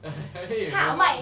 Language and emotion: Thai, happy